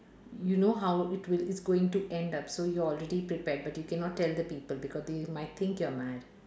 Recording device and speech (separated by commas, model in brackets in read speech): standing microphone, conversation in separate rooms